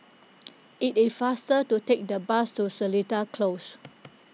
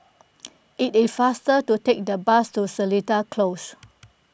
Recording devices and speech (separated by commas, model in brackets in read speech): mobile phone (iPhone 6), boundary microphone (BM630), read sentence